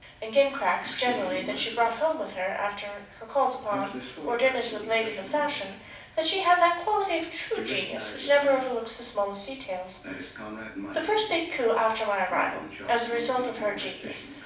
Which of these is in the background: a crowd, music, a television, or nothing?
A television.